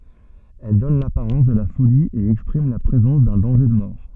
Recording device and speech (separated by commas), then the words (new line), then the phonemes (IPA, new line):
soft in-ear microphone, read sentence
Elle donne l'apparence de la folie et exprime la présence d'un danger de mort.
ɛl dɔn lapaʁɑ̃s də la foli e ɛkspʁim la pʁezɑ̃s dœ̃ dɑ̃ʒe də mɔʁ